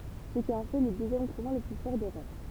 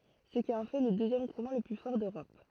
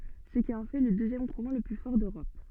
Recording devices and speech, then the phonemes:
temple vibration pickup, throat microphone, soft in-ear microphone, read sentence
sə ki ɑ̃ fɛ lə døzjɛm kuʁɑ̃ lə ply fɔʁ døʁɔp

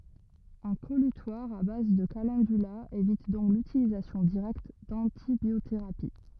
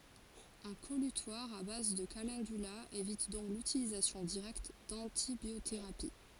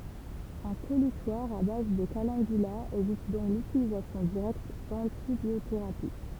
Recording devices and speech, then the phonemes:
rigid in-ear microphone, forehead accelerometer, temple vibration pickup, read sentence
œ̃ kɔlytwaʁ a baz də kalɑ̃dyla evit dɔ̃k lytilizasjɔ̃ diʁɛkt dɑ̃tibjoteʁapi

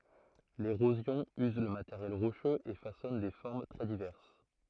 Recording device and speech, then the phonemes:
throat microphone, read sentence
leʁozjɔ̃ yz lə mateʁjɛl ʁoʃøz e fasɔn de fɔʁm tʁɛ divɛʁs

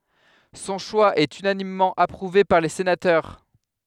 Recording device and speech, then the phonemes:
headset microphone, read sentence
sɔ̃ ʃwa ɛt ynanimmɑ̃ apʁuve paʁ le senatœʁ

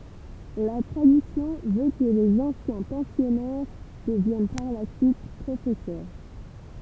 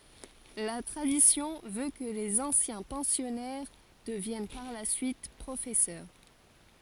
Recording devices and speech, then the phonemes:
temple vibration pickup, forehead accelerometer, read sentence
la tʁadisjɔ̃ vø kə lez ɑ̃sjɛ̃ pɑ̃sjɔnɛʁ dəvjɛn paʁ la syit pʁofɛsœʁ

